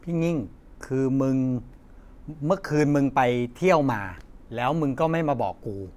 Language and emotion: Thai, frustrated